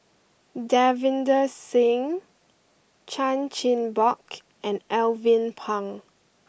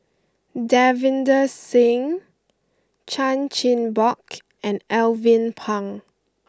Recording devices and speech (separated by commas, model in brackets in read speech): boundary microphone (BM630), close-talking microphone (WH20), read sentence